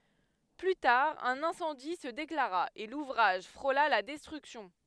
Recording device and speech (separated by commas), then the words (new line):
headset microphone, read sentence
Plus tard, un incendie se déclara, et l'ouvrage frôla la destruction.